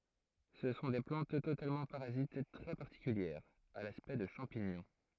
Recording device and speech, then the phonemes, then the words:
throat microphone, read sentence
sə sɔ̃ de plɑ̃t totalmɑ̃ paʁazit tʁɛ paʁtikyljɛʁz a laspɛkt də ʃɑ̃piɲɔ̃
Ce sont des plantes totalement parasites très particulières, à l'aspect de champignons.

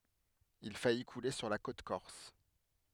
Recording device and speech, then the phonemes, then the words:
headset microphone, read sentence
il faji kule syʁ la kot kɔʁs
Il faillit couler sur la côte corse.

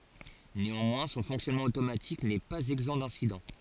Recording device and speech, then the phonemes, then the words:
forehead accelerometer, read sentence
neɑ̃mwɛ̃ sɔ̃ fɔ̃ksjɔnmɑ̃ otomatik nɛ paz ɛɡzɑ̃ dɛ̃sidɑ̃
Néanmoins, son fonctionnement automatique n'est pas exempt d'incidents.

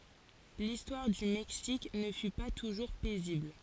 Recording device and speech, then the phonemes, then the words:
forehead accelerometer, read sentence
listwaʁ dy mɛksik nə fy pa tuʒuʁ pɛzibl
L'histoire du Mexique ne fut pas toujours paisible.

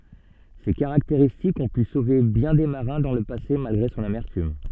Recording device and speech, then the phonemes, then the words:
soft in-ear microphone, read sentence
se kaʁakteʁistikz ɔ̃ py sove bjɛ̃ de maʁɛ̃ dɑ̃ lə pase malɡʁe sɔ̃n amɛʁtym
Ces caractéristiques ont pu sauver bien des marins dans le passé malgré son amertume.

